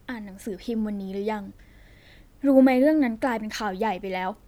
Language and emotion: Thai, frustrated